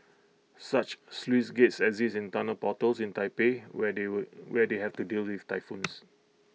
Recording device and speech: mobile phone (iPhone 6), read sentence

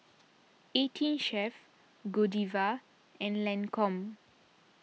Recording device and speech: mobile phone (iPhone 6), read sentence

